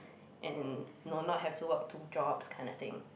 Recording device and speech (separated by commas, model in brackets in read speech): boundary microphone, conversation in the same room